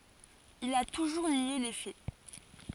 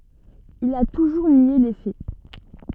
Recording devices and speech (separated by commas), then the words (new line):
forehead accelerometer, soft in-ear microphone, read sentence
Il a toujours nié les faits.